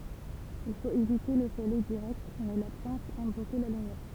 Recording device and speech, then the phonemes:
temple vibration pickup, read sentence
il fot evite lə solɛj diʁɛkt mɛ la plɑ̃t ɛm boku la lymjɛʁ

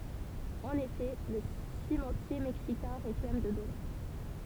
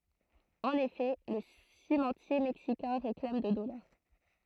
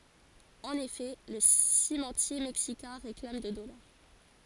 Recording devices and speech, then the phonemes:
temple vibration pickup, throat microphone, forehead accelerometer, read sentence
ɑ̃n efɛ lə simɑ̃tje mɛksikɛ̃ ʁeklam də dɔlaʁ

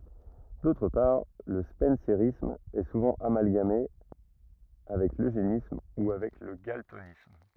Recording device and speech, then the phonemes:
rigid in-ear microphone, read sentence
dotʁ paʁ lə spɑ̃seʁism ɛ suvɑ̃ amalɡame avɛk løʒenism u avɛk lə ɡaltonism

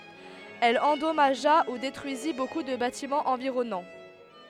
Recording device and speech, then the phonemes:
headset microphone, read sentence
ɛl ɑ̃dɔmaʒa u detʁyizi boku də batimɑ̃z ɑ̃viʁɔnɑ̃

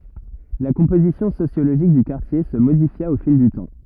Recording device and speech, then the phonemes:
rigid in-ear microphone, read sentence
la kɔ̃pozisjɔ̃ sosjoloʒik dy kaʁtje sə modifja o fil dy tɑ̃

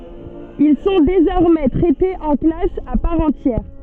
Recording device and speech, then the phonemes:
soft in-ear microphone, read sentence
il sɔ̃ dezɔʁmɛ tʁɛtez ɑ̃ klas a paʁ ɑ̃tjɛʁ

